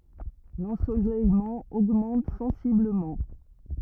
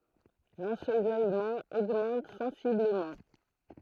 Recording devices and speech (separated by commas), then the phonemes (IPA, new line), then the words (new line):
rigid in-ear microphone, throat microphone, read sentence
lɑ̃solɛjmɑ̃ oɡmɑ̃t sɑ̃sibləmɑ̃
L'ensoleillement augmente sensiblement.